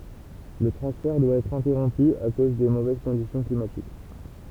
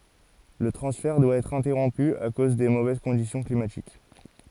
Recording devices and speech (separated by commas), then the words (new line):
temple vibration pickup, forehead accelerometer, read sentence
Le transfert doit être interrompu à cause des mauvaises conditions climatiques.